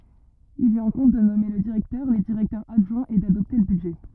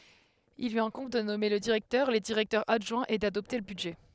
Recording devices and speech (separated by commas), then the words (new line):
rigid in-ear microphone, headset microphone, read sentence
Il lui incombe de nommer le directeur, les directeurs adjoints et d'adopter le budget.